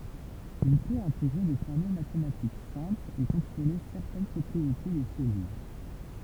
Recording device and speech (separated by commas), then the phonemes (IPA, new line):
temple vibration pickup, read sentence
il pøt ɛ̃teɡʁe de fɔʁmyl matematik sɛ̃plz e kɔ̃tʁole sɛʁtɛn pʁɔpʁiete de sɛlyl